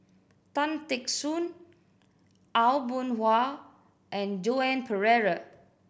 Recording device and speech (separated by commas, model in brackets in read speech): boundary microphone (BM630), read sentence